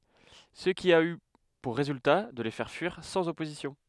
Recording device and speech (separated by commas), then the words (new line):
headset microphone, read sentence
Ce qui a eu pour résultat de les faire fuir sans opposition.